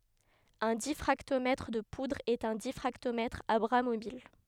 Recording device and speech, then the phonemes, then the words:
headset microphone, read sentence
œ̃ difʁaktomɛtʁ də pudʁz ɛt œ̃ difʁaktomɛtʁ a bʁa mobil
Un diffractomètre de poudres est un diffractomètre à bras mobiles.

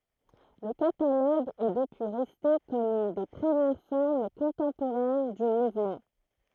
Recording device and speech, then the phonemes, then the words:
throat microphone, read sentence
lə kataloɡ ɛ dəpyi ʁɛste kɔm yn de pʁəmjɛʁ fɔʁm kɔ̃tɑ̃poʁɛn dy muvmɑ̃
Le catalogue est depuis resté comme une des premières formes contemporaines du mouvement.

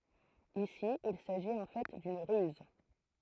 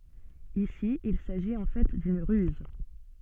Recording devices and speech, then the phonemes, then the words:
throat microphone, soft in-ear microphone, read sentence
isi il saʒit ɑ̃ fɛ dyn ʁyz
Ici, il s'agit en fait d'une ruse.

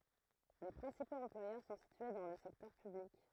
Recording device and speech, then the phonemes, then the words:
throat microphone, read sentence
le pʁɛ̃sipoz ɑ̃plwajœʁ sɔ̃ sitye dɑ̃ lə sɛktœʁ pyblik
Les principaux employeurs sont situés dans le secteur public.

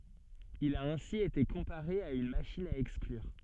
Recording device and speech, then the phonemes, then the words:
soft in-ear microphone, read sentence
il a ɛ̃si ete kɔ̃paʁe a yn maʃin a ɛksklyʁ
Il a ainsi été comparé à une machine à exclure.

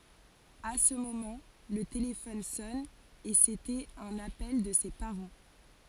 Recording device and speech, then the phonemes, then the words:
forehead accelerometer, read sentence
a sə momɑ̃ lə telefɔn sɔn e setɛt œ̃n apɛl də se paʁɑ̃
À ce moment, le téléphone sonne, et c'était un appel de ses parents.

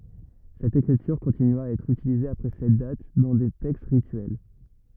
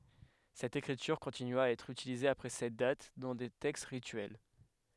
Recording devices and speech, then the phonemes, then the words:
rigid in-ear microphone, headset microphone, read sentence
sɛt ekʁityʁ kɔ̃tinya a ɛtʁ ytilize apʁɛ sɛt dat dɑ̃ de tɛkst ʁityɛl
Cette écriture continua à être utilisée après cette date, dans des textes rituels.

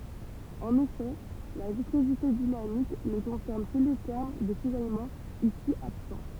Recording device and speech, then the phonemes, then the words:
temple vibration pickup, read sentence
ɑ̃n efɛ la viskozite dinamik nə kɔ̃sɛʁn kə le tɛʁm də sizajmɑ̃ isi absɑ̃
En effet la viscosité dynamique ne concerne que les termes de cisaillement, ici absents.

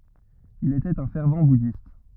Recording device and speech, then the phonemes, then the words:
rigid in-ear microphone, read sentence
il etɛt œ̃ fɛʁv budist
Il était un fervent bouddhiste.

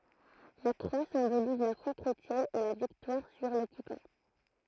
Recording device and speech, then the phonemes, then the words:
throat microphone, read sentence
la kʁwa sɛ̃boliz la fwa kʁetjɛn e la viktwaʁ syʁ lɔkypɑ̃
La croix symbolise la foi chrétienne et la victoire sur l’occupant.

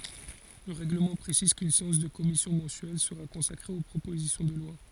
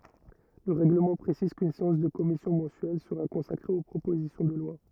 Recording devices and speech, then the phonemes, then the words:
forehead accelerometer, rigid in-ear microphone, read sentence
lə ʁɛɡləmɑ̃ pʁesiz kyn seɑ̃s də kɔmisjɔ̃ mɑ̃syɛl səʁa kɔ̃sakʁe o pʁopozisjɔ̃ də lwa
Le règlement précise qu'une séance de commission mensuelle sera consacrée aux propositions de loi.

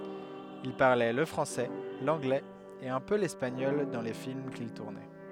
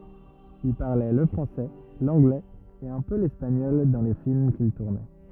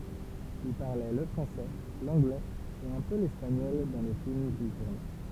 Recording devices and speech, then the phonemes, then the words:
headset microphone, rigid in-ear microphone, temple vibration pickup, read sentence
il paʁlɛ lə fʁɑ̃sɛ lɑ̃ɡlɛz e œ̃ pø lɛspaɲɔl dɑ̃ le film kil tuʁnɛ
Il parlait le français, l'anglais et un peu l'espagnol dans les films qu'il tournait.

